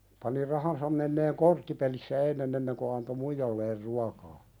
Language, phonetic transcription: Finnish, pani 'rahansam menneeŋ "korttipelissä 'ennen ‿enneŋ ko anto "muijalleer 'ruakaa .
- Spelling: pani rahansa menemään korttipelissä ennen ennen kuin antoi muijalleen ruokaa

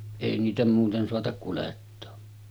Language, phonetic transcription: Finnish, èi niitä 'muuten soatak kulettoo .
- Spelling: ei niitä muuten saata kuljettaa

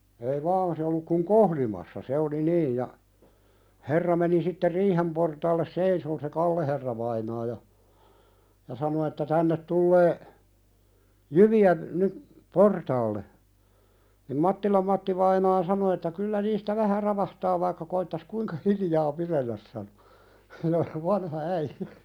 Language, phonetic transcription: Finnish, ei "vaan se olluk kuŋ "kohlimassa se oli 'niij ja , 'herra meni sitte "riihem portaalles 'seisoon se "Kalleherravainaa ja , ja sano että » 'tännet tullee , 'jyvi₍ä , nyp , "portaalle « nim "Mattilam 'Mattivainaa sano että » 'kyllä niistä 'vähä 'ravahtaa vaikka koittas "kuiŋka hilijaa 'pirelläs « sanᴏ , "vanha äijᴀ̈ .
- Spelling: ei vaan se ollut kun kohlimassa se oli niin ja herra meni sitten riihen portaalle seisomaan se Kalle herravainaa ja ja sanoi että tänne tulee jyviä nyt portaalle niin Mattilan Mattivainaa sanoi että kyllä niistä vähän ravahtaa vaikka koettaisi kuinka hiljaa pidellä sanoi vanha äijä

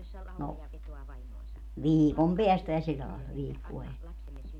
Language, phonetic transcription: Finnish, no , "viikom 'peästä ja sillä làella 'viikkua (enne) .
- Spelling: no viikon päästä ja sillä lailla viikkoa ennen

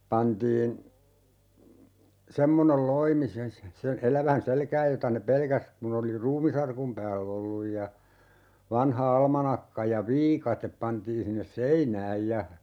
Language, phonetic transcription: Finnish, 'pantiin , "semmonel 'loimi sen se(n) 'elävän "selkääj 'jota ne "pelkäs , 'kun ‿oli "ruumisarkum 'pääll ‿olluj ja , 'vanha "almanakka ja "viikatep 'pantiin sinnes "seinääj ja , .
- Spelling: pantiin semmoinen loimi sen sen elävän selkään jota ne pelkäsi kun oli ruumisarkun päällä ollut ja vanha almanakka ja viikate pantiin sinne seinään ja

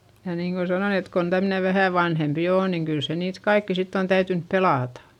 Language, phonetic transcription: Finnish, ja niiŋko sanon ‿et kon tämne vähä̀ vanhempi oo niŋ kyl se niit kaikki sitt ‿on täytynp pelàtA .
- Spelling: ja niin kuin sanoin että kun tämmöinen vähän vanhempi on niin kyllä se niitä kaikkia sitten on täytynyt pelata

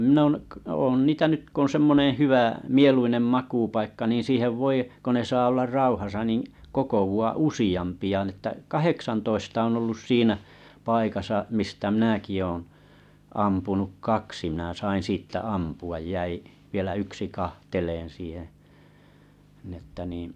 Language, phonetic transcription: Finnish, mⁱn ‿òn̬ niitä 'nyt ko on 'semmoneḛ 'hywä , 'mieluinem makuupaikka nii 'siihev 'voi , ko ne 'saa ollar "rauhasa nin , 'kokowu₍a "usiʲ ampi₍a ni ‿ttä 'kaheksantoista on ollus 'siinä , 'paikasa 'mistä 'mⁱnäki ooo̰ , 'ampunuk "kaksi mⁱnä̀ sain 'sìttä 'ampu₍aj 'jäi , vielä 'yksi 'kahteleen̬ siiheᵉ̰ , nⁱ ‿että nii’ ,.
- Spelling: minä olen niitä nyt kun on semmoinen hyvä mieluinen makuupaikka niin siihen voi kun ne saa olla rauhassa niin kokoontua useampia niin että kahdeksantoista on ollut siinä paikassa mistä minäkin olen ampunut kaksi minä sain sitten ampua jäi vielä yksi katselemaan siihen niin että niin

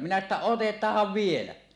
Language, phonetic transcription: Finnish, minä että » "otet̀aah̀av 'vielä « .
- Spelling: minä että otetaan vielä

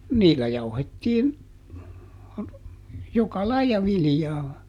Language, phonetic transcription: Finnish, "niillä ˈjauhettiin , ˈjoka "laija ˈvilⁱjaa .
- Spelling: niillä jauhettiin joka lajia viljaa

